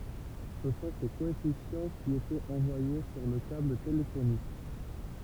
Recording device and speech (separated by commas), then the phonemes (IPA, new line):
temple vibration pickup, read sentence
sə sɔ̃ se koɛfisjɑ̃ ki etɛt ɑ̃vwaje syʁ lə kabl telefonik